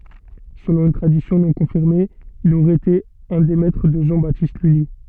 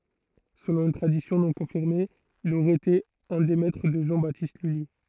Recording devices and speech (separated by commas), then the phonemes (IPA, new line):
soft in-ear microphone, throat microphone, read sentence
səlɔ̃ yn tʁadisjɔ̃ nɔ̃ kɔ̃fiʁme il oʁɛə ete œ̃ deə mɛtʁə də ʒɑ̃ batist lyli